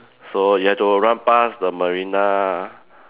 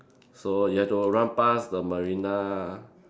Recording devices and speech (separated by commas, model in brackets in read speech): telephone, standing microphone, conversation in separate rooms